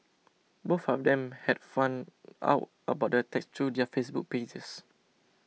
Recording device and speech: mobile phone (iPhone 6), read sentence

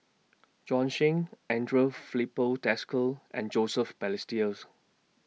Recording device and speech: mobile phone (iPhone 6), read sentence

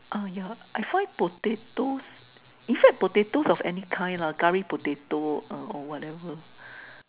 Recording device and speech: telephone, conversation in separate rooms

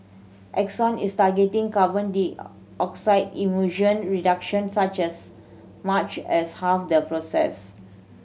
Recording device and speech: mobile phone (Samsung C7100), read sentence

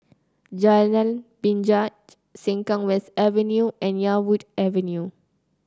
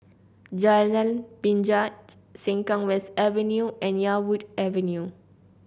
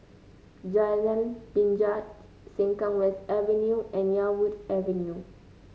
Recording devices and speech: close-talking microphone (WH30), boundary microphone (BM630), mobile phone (Samsung C9), read sentence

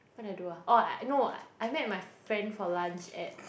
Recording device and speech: boundary microphone, conversation in the same room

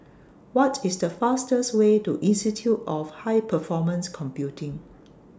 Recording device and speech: standing microphone (AKG C214), read sentence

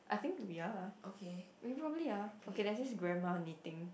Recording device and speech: boundary microphone, conversation in the same room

